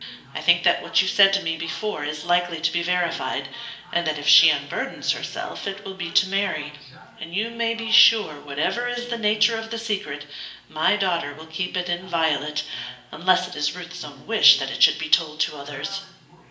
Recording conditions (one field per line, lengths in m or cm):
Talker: one person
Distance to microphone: 1.8 m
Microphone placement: close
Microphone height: 1.0 m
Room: large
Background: television